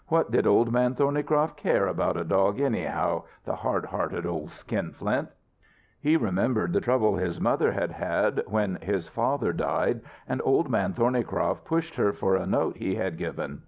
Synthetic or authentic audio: authentic